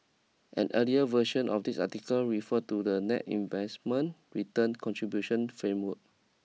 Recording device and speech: mobile phone (iPhone 6), read sentence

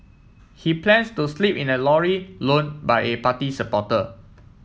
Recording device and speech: mobile phone (iPhone 7), read sentence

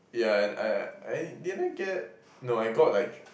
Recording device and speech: boundary microphone, conversation in the same room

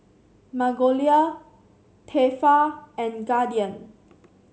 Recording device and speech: mobile phone (Samsung C7), read sentence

